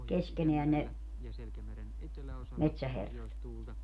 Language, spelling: Finnish, keskenään ne metsäherrat
- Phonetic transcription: 'keskeneän ne , 'metsäherrat .

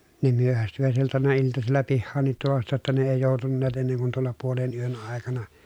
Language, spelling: Finnish, ne myöhästyivät silloin aina iltasilla pihaankin tulosta jotta ne ei joutuneet ennen kuin tuolla puolen yön aikana
- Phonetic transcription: ne myöhästyvät sil(lon àena) iltasilla pihhaaǹit tulosta jotta ne èi jòutunneet enneŋ kun tuolla puolen yön àekana .

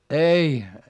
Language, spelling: Finnish, ei
- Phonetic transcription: ei .

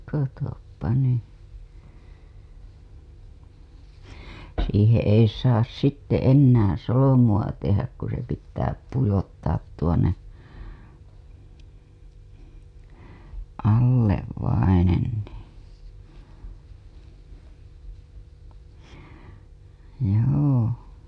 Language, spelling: Finnish, katso nyt siihen ei saa sitten enää solmua tehdä kun se pitää pujottaa tuonne alle vainen niin joo
- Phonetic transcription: katoppa ny , siiheḛ ei saas sitte ennäää̰ solo-mu‿a tehäk ku se pittää pujottaat tuonne , allev vainen nii , joo .

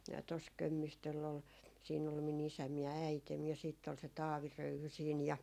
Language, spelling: Finnish, tuossa Kömmistöllä oli siinä oli minun isäni ja äitini ja sitten oli se Taavi Röyhy siinä ja
- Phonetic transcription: tos "Kömmistöll ‿ol , siin ‿ol mi'n ‿isäm ja 'äitem ja siitt ‿ol se "Taavi 'Röyhy siin ja ,.

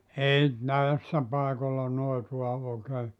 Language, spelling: Finnish, ei näissä paikoilla noitaa oikein
- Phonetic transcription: 'ei , 'näessä paekolla 'noitua ookee ,.

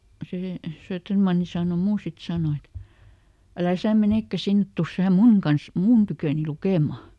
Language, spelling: Finnish, se Söderman sanoi minua sitten sanoi että älä sinä menekään sinne tule sinä minun kanssa minun tyköni lukemaan
- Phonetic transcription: ˈsè , ˈSööttermanni sàno "muu sit ˈsàno et , » ˈälä "sä̀ ˈmenèkkä ˈsinnet ˈtus ˈsää "muŋ kans , "mun tykö̀ni ˈlukèma » .

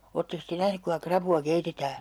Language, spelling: Finnish, olettekos te nähnyt kuinka rapua keitetään
- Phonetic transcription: 'ootteks te 'nähnyk kuiŋka 'krapu₍a 'keitetää ?

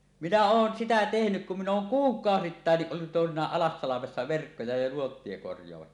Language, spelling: Finnish, minä olen sitä tehnyt kun minä olen kuukausittainkin ollut toisinaan Alassalmessa verkkoja ja nuottia korjaamassa
- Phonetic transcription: 'minä 'oon "sitä tehnyk kum min ‿ooŋ "kuuk̀aosittàenniˀ ˀollut tòesiǹaaˀ 'ˀAlassalamessa verkkoja ja nuottie korjoamassa .

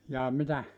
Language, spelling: Finnish, jaa mitä
- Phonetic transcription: jaa 'mitä ?

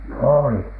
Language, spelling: Finnish, oli
- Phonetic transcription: òli .

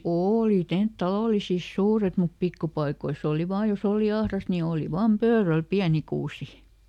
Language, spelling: Finnish, oli - talollisissa suuret mutta pikkupaikoissa oli vain jos oli ahdasta niin oli vain pöydällä pieni kuusi
- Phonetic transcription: "ooli ˈtent- ˈtalòlisis "suuret mup ˈpikkupaikois ‿òli vaa joˈs ‿òli ˈahrast ni ˈooli ˈvaam "pööräl ˈpiäni ˈkuusi .

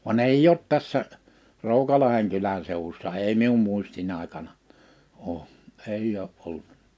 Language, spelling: Finnish, vaan ei ole tässä Roukalahden kylän seudussa ei minun muistini aikana ole ei ole ollut
- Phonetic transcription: van "èij ‿oot 'tässä , "Ròukalaheŋ 'kylän 'sèuwussa "ei mium 'muisti'n ‿àikana , '’oo , 'eij ‿oo’ ’ol(t) .

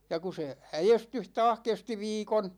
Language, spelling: Finnish, ja kun se äestys taas kesti viikon
- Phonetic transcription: ja ku se , 'äjestyh "taah 'kesti 'viikon ,.

